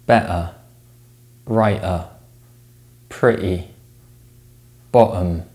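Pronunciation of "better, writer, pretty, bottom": In 'better', 'writer', 'pretty' and 'bottom', the t sound is glottalized, with the air stopped in the throat instead of the mouth, rather than being replaced with a voiced tap.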